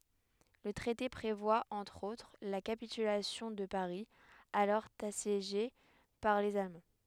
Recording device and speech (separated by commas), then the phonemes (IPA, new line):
headset microphone, read sentence
lə tʁɛte pʁevwa ɑ̃tʁ otʁ la kapitylasjɔ̃ də paʁi alɔʁ asjeʒe paʁ lez almɑ̃